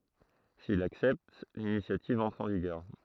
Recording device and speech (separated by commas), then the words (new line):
throat microphone, read sentence
S'il l'accepte, l'initiative entre en vigueur.